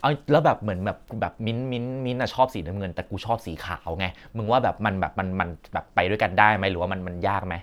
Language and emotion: Thai, neutral